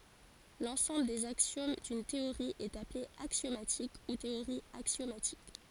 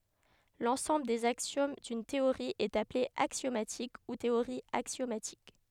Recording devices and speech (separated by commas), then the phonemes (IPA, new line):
forehead accelerometer, headset microphone, read sentence
lɑ̃sɑ̃bl dez aksjom dyn teoʁi ɛt aple aksjomatik u teoʁi aksjomatik